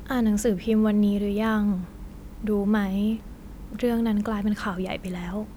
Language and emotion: Thai, sad